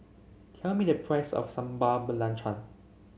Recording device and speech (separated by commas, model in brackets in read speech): mobile phone (Samsung C7), read sentence